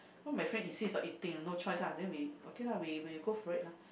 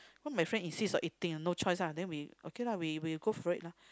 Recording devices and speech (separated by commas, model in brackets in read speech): boundary microphone, close-talking microphone, conversation in the same room